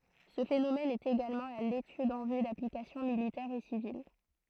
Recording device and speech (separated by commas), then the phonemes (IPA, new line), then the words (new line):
throat microphone, read sentence
sə fenomɛn ɛt eɡalmɑ̃ a letyd ɑ̃ vy daplikasjɔ̃ militɛʁz e sivil
Ce phénomène est également à l'étude en vue d'applications militaires et civiles.